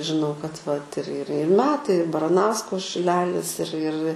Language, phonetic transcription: Lithuanian, žiˈnau kad vat ir ir ir ˈmetai ir baraˈnausko šiˈlelis ir ir

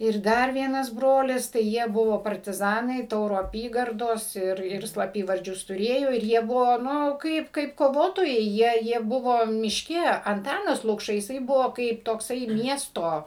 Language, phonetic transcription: Lithuanian, ir ˈdar ˈvienas ˈbrolis tai ˈjie ˈbuvo partiˈzanai ˈtauro aˈpygardos ˈir ir slaˈpyvardžius tuˈrėjo ir ˈjie ˈbuvo ˈnu ˈkaip kaip koˈvotojai ˈjie jie ˈbuvo mišˈke anˈtanas lukˈša jiˈsai ˈbuvo kaip tokˈsai ˈmiesto

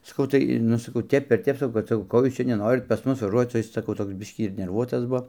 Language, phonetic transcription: Lithuanian, saˈkau tai ˈnu saˈkau ˈtep ir ˈtep saˈkau ˈko ˈjūs ˈčia neˈnorit pas ˈmus vaˈžuoc o ˈjis saˈkau ˈtoks ˈbiškį ir nerˈvuotas ˈbuo

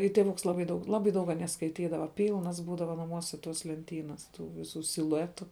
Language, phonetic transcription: Lithuanian, i tėˈvuks ˈlabai daug ˈlabai daug aˈnie skaiˈtydava ˈpylnas ˈbūdava naˈmuose tos lenˈtynas ˈtų viˈsų siluˈetu

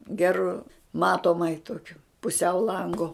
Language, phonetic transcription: Lithuanian, ˈgeru ˈmatomai ˈtokiu puˈsiau ˈlangu

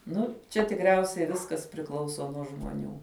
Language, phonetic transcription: Lithuanian, ˈnu ˈčia tikˈriausiai ˈviskas priˈklauso nuo žmoˈnių

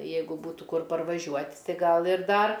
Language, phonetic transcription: Lithuanian, ˈjeigu ˈbūtų ˈkur parvaˈžiuot' ˈtai ˈgal ir ˈdar

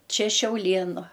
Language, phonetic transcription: Lithuanian, ˈčia šiauˈlėnu

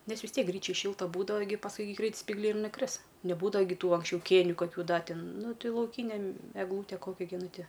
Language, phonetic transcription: Lithuanian, ˈnes vis ˈtiek ˈgryčiaj ˈšilta ˈbūdava gi pasˈkui gi ˈgreit spygˈliai ir nuˈkris neˈbūdava gi ˈtų anksˈčiau ˈkėniu kaˈkių ˈda ˈtin ˈnu ˈti lauˈkyne m egˈlūte ˈkokia gi ˈnu ˈti

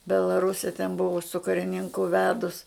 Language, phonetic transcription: Lithuanian, belaˈruse ten ˈbuva su kariˈninku ˈvedus

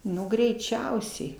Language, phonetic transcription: Lithuanian, ˈnu greiˈčiausiai

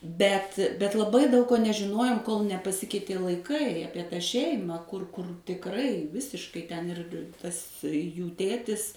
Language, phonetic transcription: Lithuanian, ˈbet bet laˈbai daug ko nežiˈnojom kol nepaˈsikeitė laiˈkai ˈapie ta ˈšeima ˈkur ˈkur tikˈrai ˈvisiškai ˈten ir ˈtas ˈjų ˈtėtis

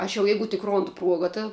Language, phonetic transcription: Lithuanian, ˈaš jau ˈjeigu tik ˈrondu ˈpruoga ta

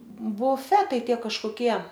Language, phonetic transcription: Lithuanian, buˈfetai ˈtie kažkoˈkie

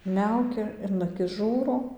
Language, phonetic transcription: Lithuanian, ˈmiaukia in aˈkis ˈžūro

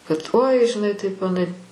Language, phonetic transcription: Lithuanian, kad oi žiˈnai taip aˈnai

